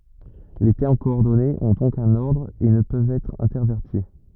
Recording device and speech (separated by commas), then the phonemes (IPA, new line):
rigid in-ear microphone, read sentence
le tɛʁm kɔɔʁdɔnez ɔ̃ dɔ̃k œ̃n ɔʁdʁ e nə pøvt ɛtʁ ɛ̃tɛʁvɛʁti